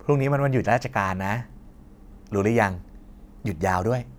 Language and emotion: Thai, happy